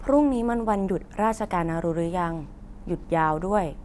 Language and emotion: Thai, neutral